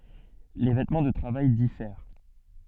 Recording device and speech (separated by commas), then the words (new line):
soft in-ear microphone, read sentence
Les vêtements de travail diffèrent.